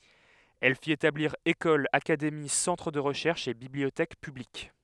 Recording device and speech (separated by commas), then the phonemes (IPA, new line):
headset microphone, read sentence
ɛl fit etabliʁ ekolz akademi sɑ̃tʁ də ʁəʃɛʁʃz e bibliotɛk pyblik